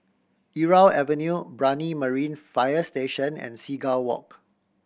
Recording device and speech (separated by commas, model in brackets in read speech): boundary microphone (BM630), read sentence